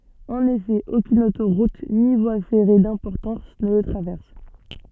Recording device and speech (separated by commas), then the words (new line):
soft in-ear microphone, read sentence
En effet, aucune autoroute ni voie ferrée d'importance ne le traverse.